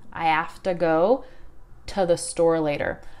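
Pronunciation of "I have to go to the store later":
In 'I have to go to the store later', 'to' is not said in full. It is reduced to just a t sound.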